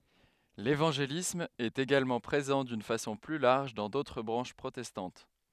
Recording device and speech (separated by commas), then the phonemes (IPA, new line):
headset microphone, read sentence
levɑ̃ʒelism ɛt eɡalmɑ̃ pʁezɑ̃ dyn fasɔ̃ ply laʁʒ dɑ̃ dotʁ bʁɑ̃ʃ pʁotɛstɑ̃t